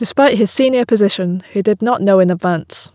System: none